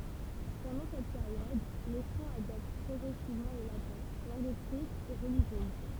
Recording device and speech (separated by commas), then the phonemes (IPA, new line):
temple vibration pickup, read sentence
pɑ̃dɑ̃ sɛt peʁjɔd le fʁɑ̃z adɔpt pʁɔɡʁɛsivmɑ̃ lə latɛ̃ lɑ̃ɡ ekʁit e ʁəliʒjøz